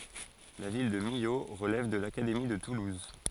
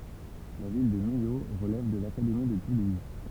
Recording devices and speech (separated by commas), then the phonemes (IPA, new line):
forehead accelerometer, temple vibration pickup, read sentence
la vil də milo ʁəlɛv də lakademi də tuluz